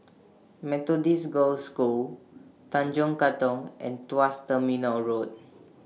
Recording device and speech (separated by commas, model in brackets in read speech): mobile phone (iPhone 6), read sentence